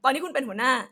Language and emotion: Thai, angry